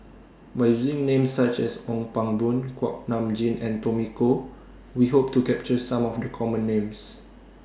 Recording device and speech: standing microphone (AKG C214), read sentence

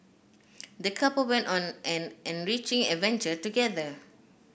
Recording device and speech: boundary microphone (BM630), read sentence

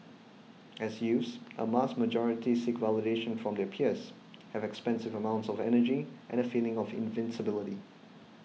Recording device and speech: mobile phone (iPhone 6), read sentence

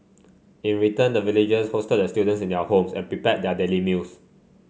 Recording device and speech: mobile phone (Samsung C5), read sentence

